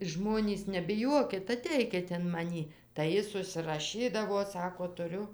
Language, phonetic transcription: Lithuanian, ˈžmonys nebiˈjuokit aˈteikit in maˈnį tai ˈjis užsiraˈšydavo ˈsako tuˈriu

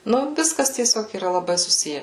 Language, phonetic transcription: Lithuanian, ˈnu ˈviskas tieˈsiog yˈra laˈbai suˈsije

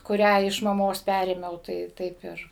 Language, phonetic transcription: Lithuanian, kuˈrią iš maˈmos ˈpærėmiau tai ˈtaip ir

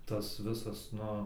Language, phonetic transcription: Lithuanian, ˈtas ˈvisas ˈnu

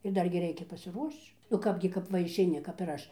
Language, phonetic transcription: Lithuanian, ir ˈdargi ˈreikia pasiˈruošč nu ˈkapgi kap ˈva išeiˈni kap ir ˈaš

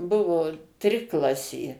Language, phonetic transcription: Lithuanian, ˈbuvo ˈtriklasė

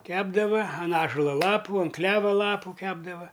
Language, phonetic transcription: Lithuanian, ˈkepdava an ˈąžula ˈlapu an ˈkleva ˈlapu ˈkepdava

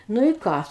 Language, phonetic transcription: Lithuanian, ˈnu i ˈką

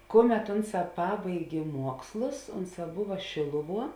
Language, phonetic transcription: Lithuanian, ˈkuˌmet ˈunˌsā ˈpabaigė ˈmuokslus ˈunˌsā ˈbuva ˈšėluˌvuo

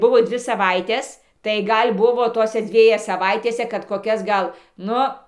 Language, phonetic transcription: Lithuanian, ˈbuvo ˈdvi saˈvaites tai ˈgal' ˈbuvo ˈtose ˈdzvieje saˈvaitėse kad koˈkias ˈgal ˈnu

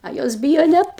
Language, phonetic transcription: Lithuanian, a ˈjos ˈbyjo ˈnet

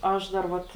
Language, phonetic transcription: Lithuanian, ˈaš dar ˈvat

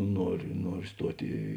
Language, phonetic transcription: Lithuanian, ˈnuoriu ˈnuoriu ˈstuot' į

